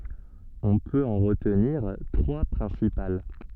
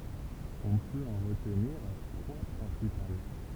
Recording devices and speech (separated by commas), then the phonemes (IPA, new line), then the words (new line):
soft in-ear microphone, temple vibration pickup, read sentence
ɔ̃ pøt ɑ̃ ʁətniʁ tʁwa pʁɛ̃sipal
On peut en retenir trois principales.